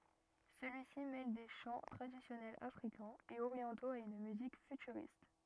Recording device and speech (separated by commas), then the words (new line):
rigid in-ear microphone, read sentence
Celui-ci mêle des chants traditionnels Africains et orientaux à une musique futuriste.